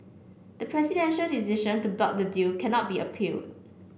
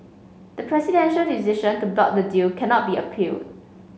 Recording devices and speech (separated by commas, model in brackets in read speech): boundary microphone (BM630), mobile phone (Samsung C5), read sentence